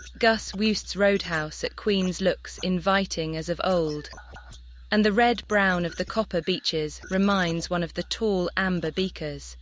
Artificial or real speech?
artificial